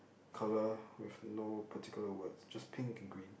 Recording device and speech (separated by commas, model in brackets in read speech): boundary microphone, conversation in the same room